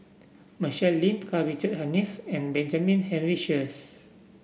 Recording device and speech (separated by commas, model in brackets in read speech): boundary microphone (BM630), read sentence